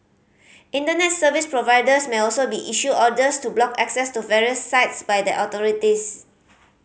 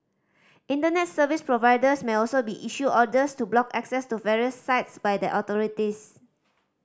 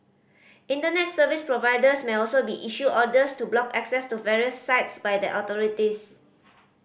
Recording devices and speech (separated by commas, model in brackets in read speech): mobile phone (Samsung C5010), standing microphone (AKG C214), boundary microphone (BM630), read sentence